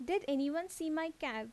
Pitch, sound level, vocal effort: 320 Hz, 84 dB SPL, normal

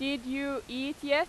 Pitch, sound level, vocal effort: 275 Hz, 93 dB SPL, very loud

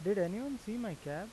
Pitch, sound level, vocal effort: 205 Hz, 88 dB SPL, normal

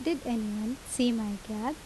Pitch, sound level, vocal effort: 240 Hz, 79 dB SPL, normal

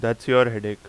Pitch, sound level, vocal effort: 115 Hz, 89 dB SPL, loud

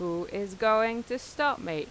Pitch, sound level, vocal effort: 220 Hz, 90 dB SPL, normal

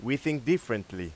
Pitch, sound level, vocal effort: 130 Hz, 93 dB SPL, loud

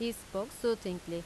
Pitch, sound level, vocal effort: 200 Hz, 86 dB SPL, loud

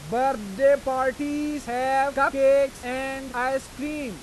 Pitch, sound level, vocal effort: 270 Hz, 100 dB SPL, very loud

